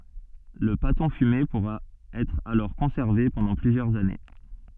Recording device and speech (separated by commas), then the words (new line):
soft in-ear microphone, read sentence
Le pâton fumé pourra être alors conservé pendant plusieurs années.